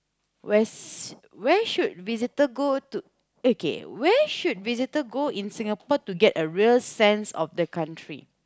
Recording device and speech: close-talking microphone, conversation in the same room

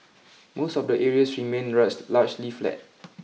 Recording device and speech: mobile phone (iPhone 6), read sentence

